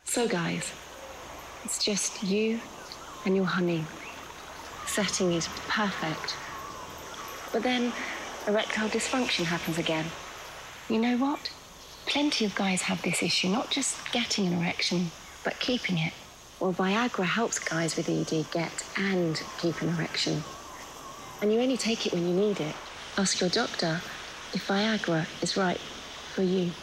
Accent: English accent